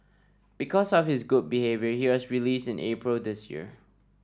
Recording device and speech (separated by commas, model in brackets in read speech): standing microphone (AKG C214), read sentence